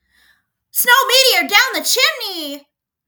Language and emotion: English, surprised